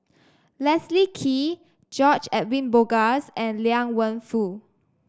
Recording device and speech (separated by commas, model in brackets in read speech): standing microphone (AKG C214), read sentence